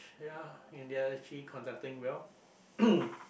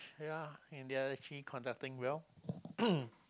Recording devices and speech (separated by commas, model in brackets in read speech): boundary microphone, close-talking microphone, conversation in the same room